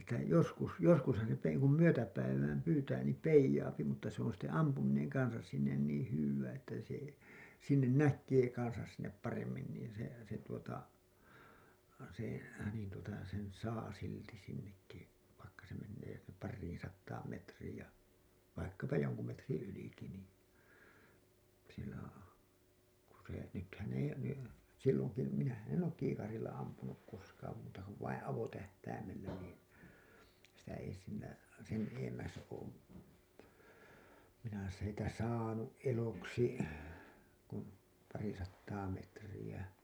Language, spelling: Finnish, että joskus joskushan se että ei kun myötäpäivään pyytää niin peijaa mutta se on sitten ampuminen kanssa sinne niin hyvää että se sinne näkee kanssa sinne paremmin niin se se tuota se niin tuota sen saa silti sinnekin vaikka se menee pariin sataan metriin ja vaikkapa jonkun metriä ylikin niin kun se nythän ei ne silloin kun minähän en ole kiikarilla ampunut koskaan muuta kuin vain avotähtäimellä niin sitä ei sillä sen edemmäs ole minä sitä saanut eloksi kuin pari sataa metriä
- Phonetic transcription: Että joskus , joskushan se ett ‿ei kum 'myötäpäivääm 'pyytää niim 'peijaapi mutta se ‿on̬ sitte 'ampumineŋ 'kansas sinnen niiḭ hywwää että se , sinnen 'näk̆kee kansas sinnep 'paremmin niin̬ se , se tuota , se , niin tuota , sen 'saa silti sinnekki , vaikka se mennee parriiḭ sattaam metriij ja , vaikkapa 'joŋku metriḭ 'yliki nii , ku se , nythän ‿ei ne , silloŋ ku , minähän 'en ook "kiikaril̆la ampunuk koskaam muuta ‿ko vaiḭ 'avotähtäimel-lä niin̬ , sitä ei sillä , sen 'eemmäs oom , minä sitä 'saanu’ '’eloksi , kun , 'pari sattaa 'metriʲä .

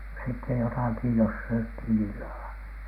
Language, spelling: Finnish, sitten jotakin jos syötiin illalla
- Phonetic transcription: sitte 'jotàki jos syöthìn illala .

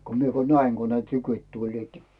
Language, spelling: Finnish, kun minä kun näin kun ne tykit tulivat
- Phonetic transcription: ko 'mie ko "näiŋ ko ne "tykyⁱt 'tuĺliit .

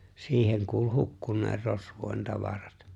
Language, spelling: Finnish, siihen kuuli hukkuneen rosvojen tavarat
- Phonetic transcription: 'siiheŋ kuul 'hukkun̆nee rosvòi̬n 'tavarat .

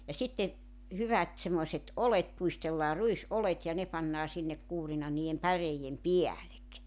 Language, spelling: Finnish, ja sitten hyvät semmoiset oljet pudistellaan ruisoljet ja ne pannaan sinne kuurina niiden päreiden päälle
- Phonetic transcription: ja sitte , 'hyvät semmoⁱset '’olet puistellaa 'ruis’olet ja 'ne pannaa sinnek 'kuurina nii₍em 'päreijem "piälek .

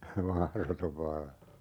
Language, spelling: Finnish, mahdoton vallan
- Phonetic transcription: "mahrotov 'valla .

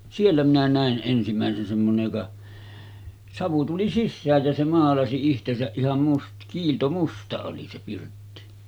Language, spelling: Finnish, siellä minä näin ensimmäisen semmoinen joka savu tuli sisään ja se maalasi itsensä ihan - kiiltomusta oli se pirtti
- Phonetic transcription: "siellä minä 'nä̀en ’ensimä̀esen semmonej joka , 'savu tuli "sissääj jä se 'maalasi ihtesäˀ 'ˀiham must- , 'kiiltomusta oli se 'pirtti .

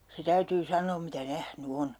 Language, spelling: Finnish, se täytyy sanoa mitä nähnyt on
- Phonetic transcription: se 'täytyy 'san̆noom mitä 'nähny "on .

